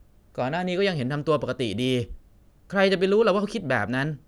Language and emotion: Thai, frustrated